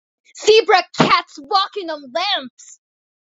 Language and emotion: English, disgusted